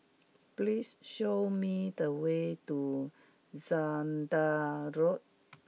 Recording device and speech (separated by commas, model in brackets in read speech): mobile phone (iPhone 6), read sentence